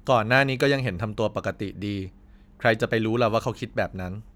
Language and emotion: Thai, neutral